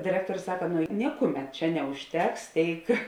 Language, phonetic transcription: Lithuanian, diˈrektorius ˈsaka ˈnu ˈnikuˌmet ˈčia neužˈteks ˈtėik

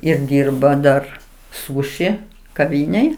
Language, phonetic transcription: Lithuanian, ir ˈdyrba ˈdar ˈsūši kaˈvynėj

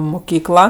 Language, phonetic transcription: Lithuanian, muˈkykla

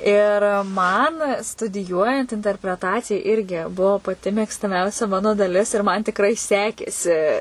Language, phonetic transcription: Lithuanian, ˈir ˈman studiˈjuojant interpreˈtacija ˈirgi ˈbuo paˈti mėgstaˈmiausia ˈmano daˈlis ir man tikˈrai ˈsekėsi

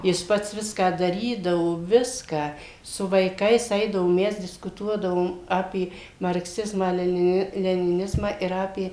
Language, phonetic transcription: Lithuanian, jis ˈpats ˈviską daˈrydavo ˈviską su vaiˈkais ˈeidavo ˈmes diskuˈtuodavom ˈapė markˈsizmą leniˈni leniˈnizmą ir ˈapė

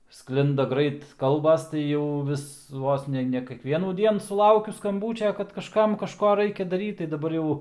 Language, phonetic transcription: Lithuanian, ˈsklinda ˈgrait ˈkalbas tai ˈjau ˈvis ˈvos ne ne kekˈvienųˈdien suˈlaukiu skamˈbūčia kad kažˈkam kažˈko ˈraikia daˈryt tai daˈbar ˈjau

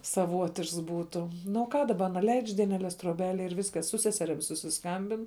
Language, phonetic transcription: Lithuanian, saˈvuotišks ˈbūtu ˈnu o ˈką daˈba aˈna leidž dieneˈles troˈbelėj ir ˈviskas su ˈseserim susisˈkambin

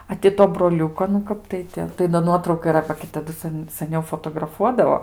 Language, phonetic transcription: Lithuanian, a ti ˈto broˈliuko nu ˈkap tai ti tai do ˈnuotrauka yˈra ba gi taˈdu ˈsan saˈniau fotograˈfuodavo

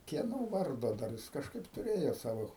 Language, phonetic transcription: Lithuanian, kieˈno ˈvardo dar jis kažˈkaip tuˈrėjo ˈsavo

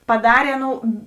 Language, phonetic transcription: Lithuanian, paˈdarė ˈaˌnou

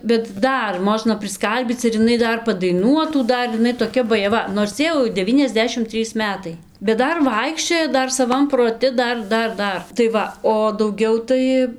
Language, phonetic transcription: Lithuanian, bet ˈdar ˈmožna prisˈkalbyc ir iˈnai ˈdar padaiˈnuotų ˈdar iˈnai toˈkia bajaˈva nors ˈjai jau deˈvyniasˌdešim ˈtrys ˈmetai bet ˈdar ˈvaikščioja ˈdar saˈvam proˈti ˈdar ˈdar ˈdar tai ˈva o dauˈgiau tai

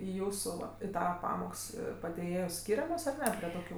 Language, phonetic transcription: Lithuanian, i ˈjūsų ˈva i ˈtava ˈpamoks padėˈjėjos ˈskyriamos ar ˈne prie toˈkių

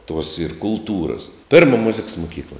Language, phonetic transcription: Lithuanian, tuos ir kulˈtūras ˈpėrma muziks muˈkykla

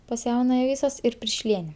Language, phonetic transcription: Lithuanian, pas ˈjaunaja ˈvysos ir pirˈšliene

